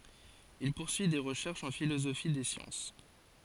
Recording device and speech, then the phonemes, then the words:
forehead accelerometer, read sentence
il puʁsyi de ʁəʃɛʁʃz ɑ̃ filozofi de sjɑ̃s
Il poursuit des recherches en philosophie des sciences.

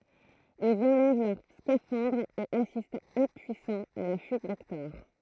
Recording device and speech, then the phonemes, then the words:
throat microphone, read sentence
ilz ɑ̃lɛv lœʁ skafɑ̃dʁz e asistt ɛ̃pyisɑ̃z a la fyit dɛktɔʁ
Ils enlèvent leurs scaphandres et assistent impuissants à la fuite d’Hector.

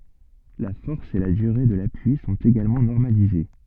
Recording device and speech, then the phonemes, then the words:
soft in-ear microphone, read sentence
la fɔʁs e la dyʁe də lapyi sɔ̃t eɡalmɑ̃ nɔʁmalize
La force et la durée de l'appui sont également normalisées.

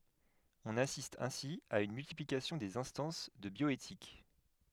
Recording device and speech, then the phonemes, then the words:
headset microphone, read sentence
ɔ̃n asist ɛ̃si a yn myltiplikasjɔ̃ dez ɛ̃stɑ̃s də bjɔetik
On assiste ainsi à une multiplication des instances de bioéthique.

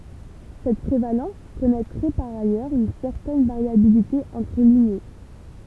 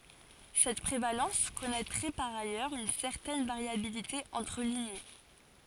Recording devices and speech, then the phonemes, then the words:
temple vibration pickup, forehead accelerometer, read sentence
sɛt pʁevalɑ̃s kɔnɛtʁɛ paʁ ajœʁz yn sɛʁtɛn vaʁjabilite ɑ̃tʁ liɲe
Cette prévalence connaîtrait par ailleurs une certaine variabilité entre lignées.

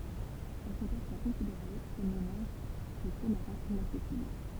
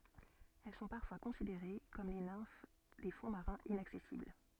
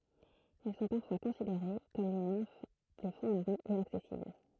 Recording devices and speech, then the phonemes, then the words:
temple vibration pickup, soft in-ear microphone, throat microphone, read sentence
ɛl sɔ̃ paʁfwa kɔ̃sideʁe kɔm le nɛ̃f de fɔ̃ maʁɛ̃z inaksɛsibl
Elles sont parfois considérées comme les nymphes des fonds marins inaccessibles.

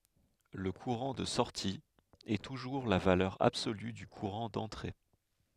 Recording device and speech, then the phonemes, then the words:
headset microphone, read sentence
lə kuʁɑ̃ də sɔʁti ɛ tuʒuʁ la valœʁ absoly dy kuʁɑ̃ dɑ̃tʁe
Le courant de sortie est toujours la valeur absolue du courant d'entrée.

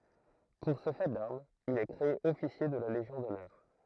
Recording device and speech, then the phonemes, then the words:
throat microphone, read sentence
puʁ sə fɛ daʁmz il ɛ kʁee ɔfisje də la leʒjɔ̃ dɔnœʁ
Pour ce fait d'armes, il est créé officier de la Légion d'honneur.

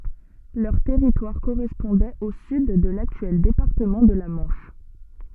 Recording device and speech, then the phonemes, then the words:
soft in-ear microphone, read sentence
lœʁ tɛʁitwaʁ koʁɛspɔ̃dɛt o syd də laktyɛl depaʁtəmɑ̃ də la mɑ̃ʃ
Leur territoire correspondait au sud de l'actuel département de la Manche.

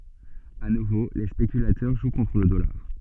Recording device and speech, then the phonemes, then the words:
soft in-ear microphone, read sentence
a nuvo le spekylatœʁ ʒw kɔ̃tʁ lə dɔlaʁ
À nouveau les spéculateurs jouent contre le dollar.

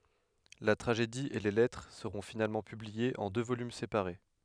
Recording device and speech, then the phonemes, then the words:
headset microphone, read sentence
la tʁaʒedi e le lɛtʁ səʁɔ̃ finalmɑ̃ pybliez ɑ̃ dø volym sepaʁe
La tragédie et les lettres seront finalement publiées en deux volumes séparés.

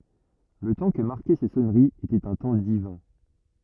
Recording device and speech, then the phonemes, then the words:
rigid in-ear microphone, read sentence
lə tɑ̃ kə maʁkɛ se sɔnəʁiz etɛt œ̃ tɑ̃ divɛ̃
Le temps que marquaient ces sonneries était un temps divin.

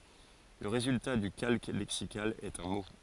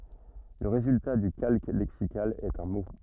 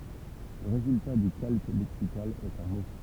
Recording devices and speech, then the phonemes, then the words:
forehead accelerometer, rigid in-ear microphone, temple vibration pickup, read sentence
lə ʁezylta dy kalk lɛksikal ɛt œ̃ mo
Le résultat du calque lexical est un mot.

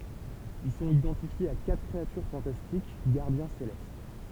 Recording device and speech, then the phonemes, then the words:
temple vibration pickup, read sentence
il sɔ̃t idɑ̃tifjez a katʁ kʁeatyʁ fɑ̃tastik ɡaʁdjɛ̃ selɛst
Ils sont identifiés à quatre créatures fantastiques, gardiens célestes.

